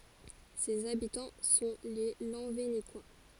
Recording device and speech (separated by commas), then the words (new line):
forehead accelerometer, read sentence
Ses habitants sont les Lanvénécois.